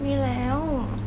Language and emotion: Thai, neutral